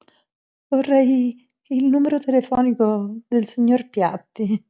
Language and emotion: Italian, fearful